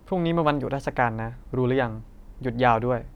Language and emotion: Thai, neutral